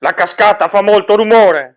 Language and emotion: Italian, angry